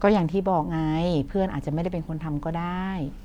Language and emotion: Thai, frustrated